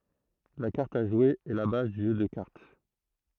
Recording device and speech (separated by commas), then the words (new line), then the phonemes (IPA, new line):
throat microphone, read sentence
La carte à jouer est la base du jeu de cartes.
la kaʁt a ʒwe ɛ la baz dy ʒø də kaʁt